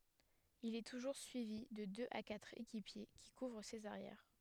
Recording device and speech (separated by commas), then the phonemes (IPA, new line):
headset microphone, read sentence
il ɛ tuʒuʁ syivi də døz a katʁ ekipje ki kuvʁ sez aʁjɛʁ